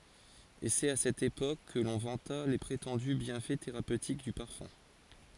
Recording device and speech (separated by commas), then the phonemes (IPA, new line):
forehead accelerometer, read sentence
e sɛt a sɛt epok kə lɔ̃ vɑ̃ta le pʁetɑ̃dy bjɛ̃fɛ teʁapøtik dy paʁfœ̃